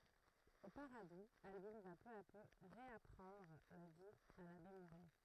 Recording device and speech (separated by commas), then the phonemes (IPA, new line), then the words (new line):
throat microphone, read sentence
o paʁadu albin va pø a pø ʁeapʁɑ̃dʁ la vi a labe muʁɛ
Au Paradou, Albine va peu à peu réapprendre la vie à l’abbé Mouret.